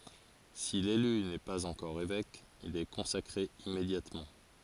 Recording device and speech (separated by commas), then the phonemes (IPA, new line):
forehead accelerometer, read sentence
si lely nɛ paz ɑ̃kɔʁ evɛk il ɛ kɔ̃sakʁe immedjatmɑ̃